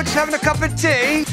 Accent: imitating british accent